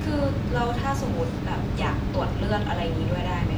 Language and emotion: Thai, frustrated